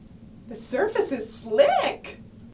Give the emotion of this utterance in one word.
happy